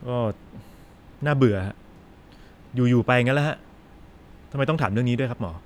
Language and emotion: Thai, frustrated